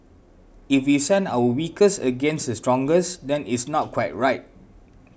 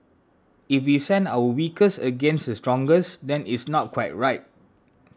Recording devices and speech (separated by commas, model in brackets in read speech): boundary microphone (BM630), standing microphone (AKG C214), read sentence